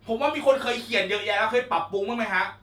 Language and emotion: Thai, angry